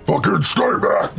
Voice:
deeply